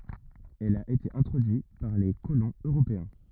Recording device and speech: rigid in-ear microphone, read sentence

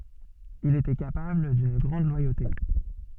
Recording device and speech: soft in-ear microphone, read sentence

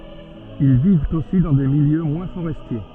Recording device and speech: soft in-ear microphone, read sentence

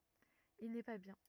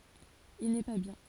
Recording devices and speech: rigid in-ear microphone, forehead accelerometer, read sentence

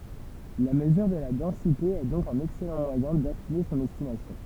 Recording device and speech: temple vibration pickup, read sentence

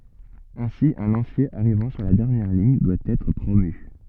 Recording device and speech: soft in-ear microphone, read sentence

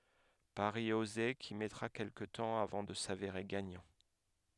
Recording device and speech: headset microphone, read sentence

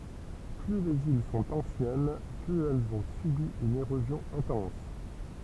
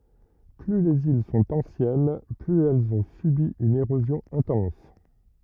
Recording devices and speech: temple vibration pickup, rigid in-ear microphone, read sentence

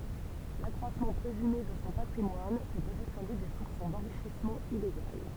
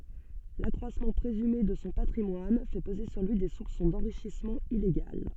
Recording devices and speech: temple vibration pickup, soft in-ear microphone, read sentence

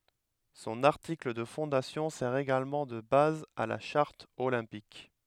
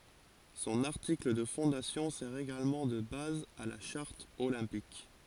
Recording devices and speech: headset microphone, forehead accelerometer, read sentence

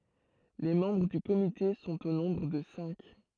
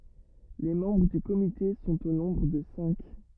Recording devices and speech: throat microphone, rigid in-ear microphone, read sentence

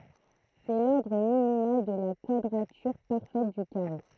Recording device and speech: throat microphone, read sentence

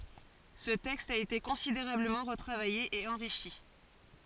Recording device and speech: forehead accelerometer, read sentence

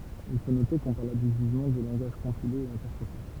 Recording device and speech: temple vibration pickup, read sentence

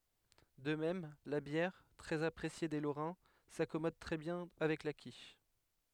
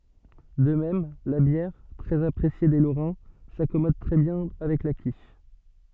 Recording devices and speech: headset microphone, soft in-ear microphone, read sentence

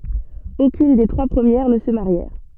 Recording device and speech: soft in-ear microphone, read sentence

